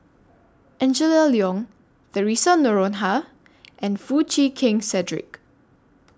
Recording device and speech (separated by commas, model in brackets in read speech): standing microphone (AKG C214), read sentence